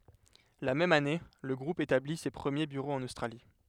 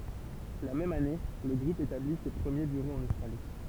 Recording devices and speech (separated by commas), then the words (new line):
headset microphone, temple vibration pickup, read sentence
La même année, le groupe établit ses premiers bureaux en Australie.